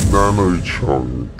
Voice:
deep voice